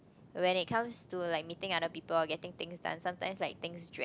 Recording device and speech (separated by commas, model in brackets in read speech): close-talking microphone, conversation in the same room